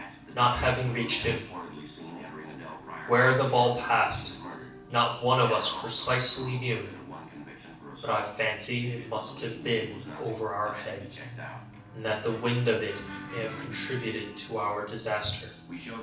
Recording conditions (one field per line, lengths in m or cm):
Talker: one person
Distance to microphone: 5.8 m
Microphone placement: far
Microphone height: 1.8 m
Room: medium-sized (5.7 m by 4.0 m)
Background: television